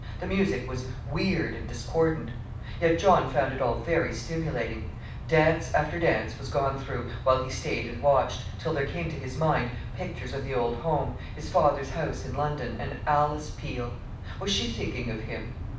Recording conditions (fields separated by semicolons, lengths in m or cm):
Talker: one person; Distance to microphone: 5.8 m; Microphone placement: far; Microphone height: 1.8 m; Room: medium-sized (5.7 m by 4.0 m); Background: television